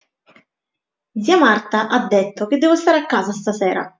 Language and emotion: Italian, angry